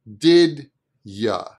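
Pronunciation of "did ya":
In 'did ya', the oo sound of 'you' is said as an uh sound, so 'you' sounds like 'ya'.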